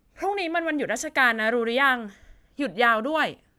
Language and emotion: Thai, frustrated